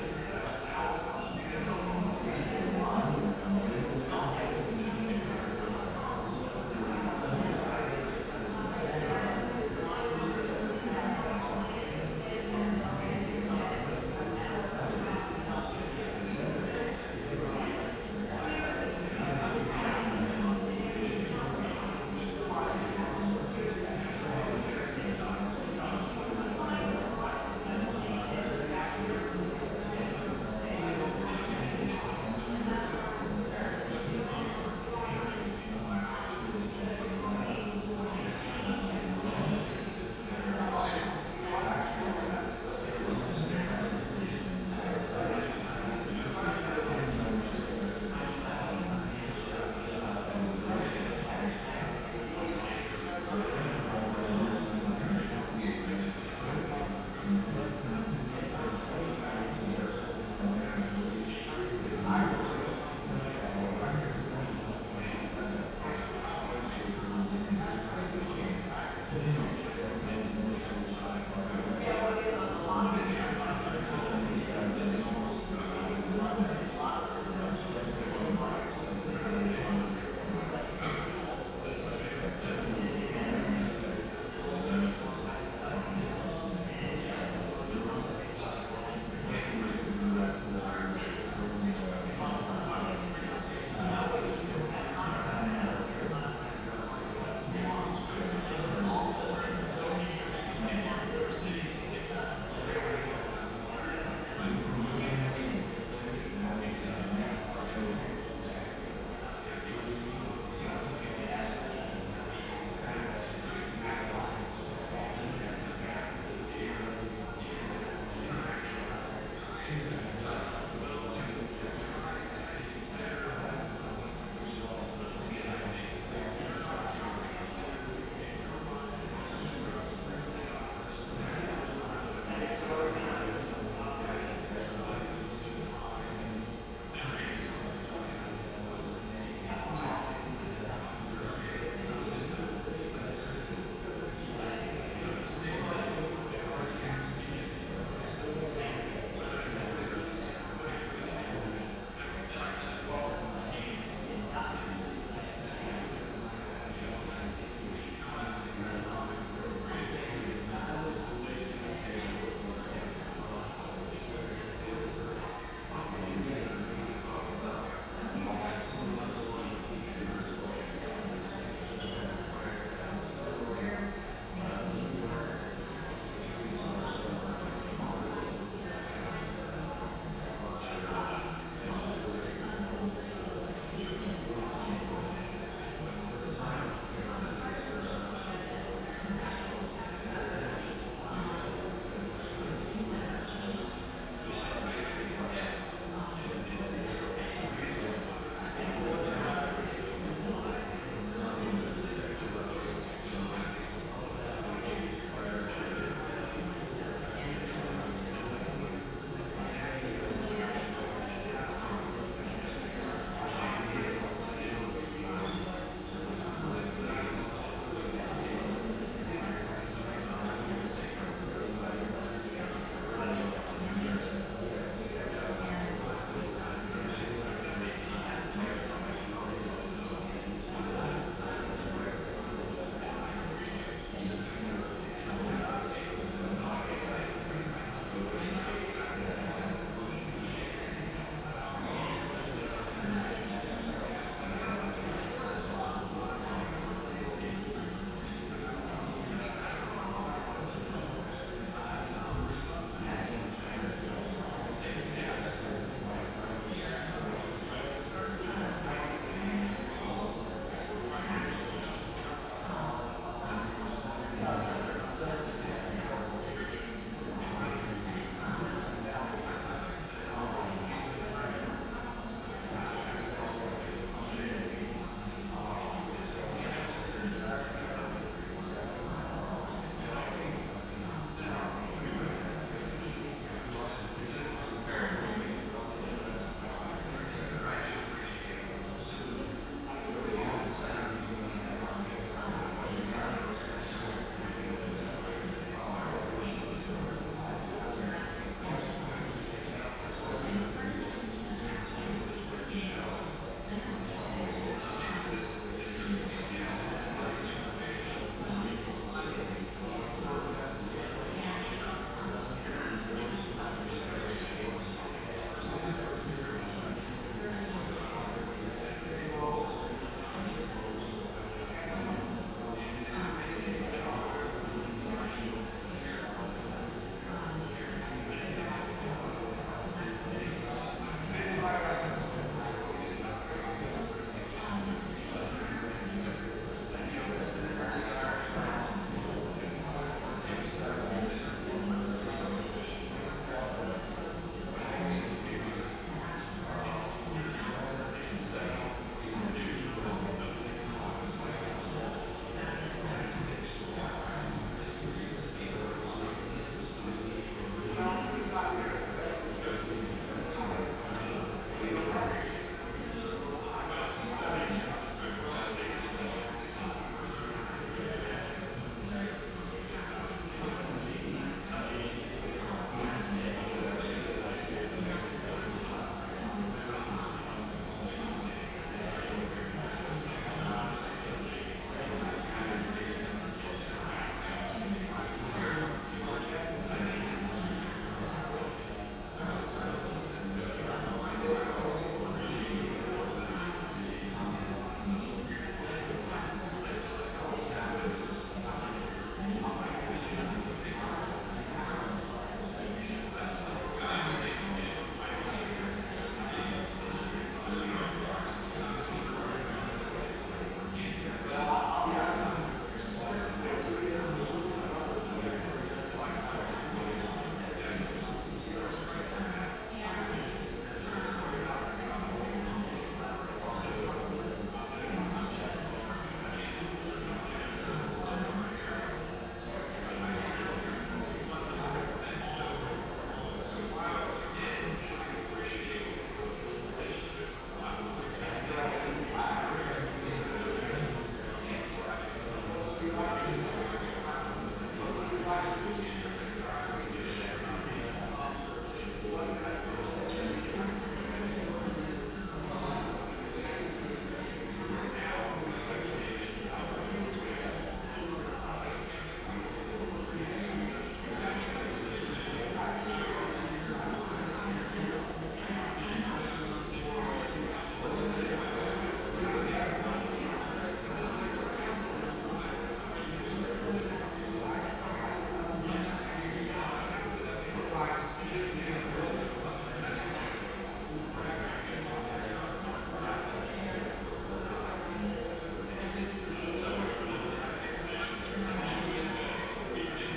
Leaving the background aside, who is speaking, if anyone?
No one.